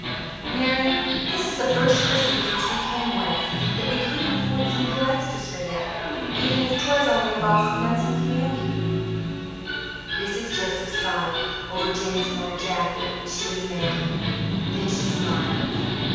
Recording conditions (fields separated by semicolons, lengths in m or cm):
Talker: one person; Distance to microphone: 7.1 m; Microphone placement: far; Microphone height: 1.7 m; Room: very reverberant, large; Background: television